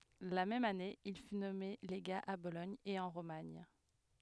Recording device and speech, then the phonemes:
headset microphone, read sentence
la mɛm ane il fy nɔme leɡa a bolɔɲ e ɑ̃ ʁomaɲ

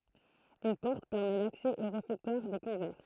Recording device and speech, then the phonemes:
throat microphone, read sentence
yn pɔʁt pɛʁmɛ laksɛ o ʁefɛktwaʁ de kɔ̃vɛʁ

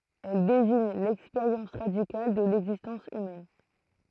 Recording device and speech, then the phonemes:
throat microphone, read sentence
ɛl deziɲ lɛkspeʁjɑ̃s ʁadikal də lɛɡzistɑ̃s ymɛn

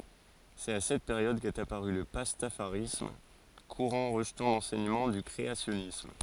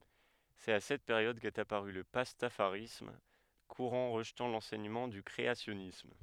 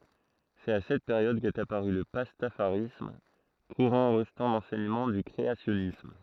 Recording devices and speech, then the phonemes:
forehead accelerometer, headset microphone, throat microphone, read sentence
sɛt a sɛt peʁjɔd kɛt apaʁy lə pastafaʁism kuʁɑ̃ ʁəʒtɑ̃ lɑ̃sɛɲəmɑ̃ dy kʁeasjɔnism

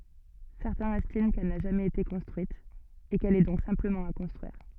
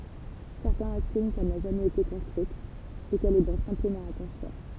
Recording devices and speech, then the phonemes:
soft in-ear microphone, temple vibration pickup, read sentence
sɛʁtɛ̃z ɛstim kɛl na ʒamɛz ete kɔ̃stʁyit e kɛl ɛ dɔ̃k sɛ̃pləmɑ̃ a kɔ̃stʁyiʁ

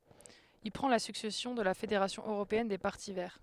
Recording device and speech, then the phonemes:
headset microphone, read sentence
il pʁɑ̃ la syksɛsjɔ̃ də la fedeʁasjɔ̃ øʁopeɛn de paʁti vɛʁ

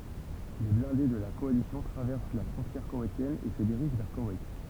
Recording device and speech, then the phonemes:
temple vibration pickup, read sentence
le blɛ̃de də la kɔalisjɔ̃ tʁavɛʁs la fʁɔ̃tjɛʁ kowɛjtjɛn e sə diʁiʒ vɛʁ kowɛjt

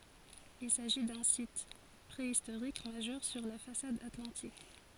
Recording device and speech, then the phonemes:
forehead accelerometer, read sentence
il saʒi dœ̃ sit pʁeistoʁik maʒœʁ syʁ la fasad atlɑ̃tik

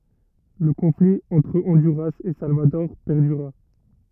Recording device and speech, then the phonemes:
rigid in-ear microphone, read sentence
lə kɔ̃fli ɑ̃tʁ ɔ̃dyʁas e salvadɔʁ pɛʁdyʁa

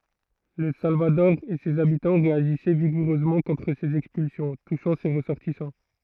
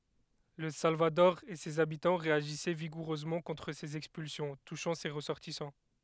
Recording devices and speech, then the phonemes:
throat microphone, headset microphone, read sentence
lə salvadɔʁ e sez abitɑ̃ ʁeaʒisɛ viɡuʁøzmɑ̃ kɔ̃tʁ sez ɛkspylsjɔ̃ tuʃɑ̃ se ʁəsɔʁtisɑ̃

